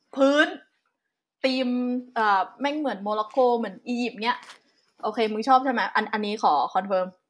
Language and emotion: Thai, neutral